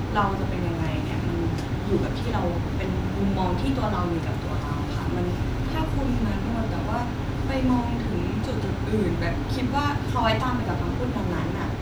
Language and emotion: Thai, neutral